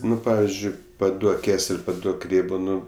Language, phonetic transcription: Lithuanian, ˈnu ˈpavizdžiui paˈduok ˈkesel' paˈduok ˈrėbo ˈnu

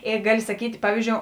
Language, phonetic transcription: Lithuanian, ˈė ˈgali saˈkyt' ˈpavyzˌdžiou

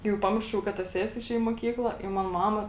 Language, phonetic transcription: Lithuanian, jau ˈpamiršau ka ˈta ˈsesi iˈšėj i moˈkykla i ˈman ˈmama

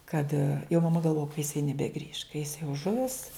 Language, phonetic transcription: Lithuanian, kad jau maˈma galˈvoja ka jiˈsai nebeˈgrįš ka jis jau ˈžuvis

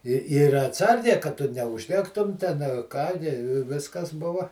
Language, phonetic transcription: Lithuanian, i ˈir atˈsargiai kad ˈtu neužˈdegtum ˈten a ˈką ni ˈviskas ˈbuva

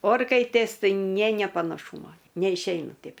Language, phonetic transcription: Lithuanian, ˈorkaitės ˈtai ˈnė nė panaˈšūmo neišˈeina ˈteip

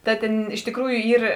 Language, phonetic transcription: Lithuanian, ˈta tėn iš tikˈrųju ˈyr

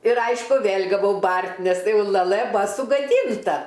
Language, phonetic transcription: Lithuanian, ir ˈaišku ˈvėl' gaˈvau ˈbart' nes jau laˈlɘ ˈbua sugaˈdynta

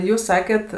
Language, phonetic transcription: Lithuanian, ˈjūs ˈsaket

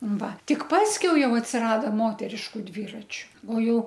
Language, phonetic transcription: Lithuanian, ˈva ˈtik ˈpaskiau ˈjau atsiˈrado ˈmoteriškuˈ dvyračiu o ˈjau

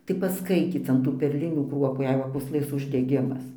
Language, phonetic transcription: Lithuanian, tai pasˈkaityc an ˈtų perˈlinių ˈkruopų jei ˈva pūsˈlɘs uždeˈgimas

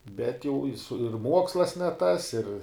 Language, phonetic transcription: Lithuanian, bet jau i su ir ˈmuokslas ne tas ir

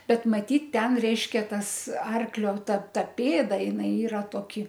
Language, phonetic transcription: Lithuanian, ˈbet maˈtyt ˈten ˈreiškia tas ˈarklio ˈta ˈta ˈpėda jiˈnai ˈyra toˈki

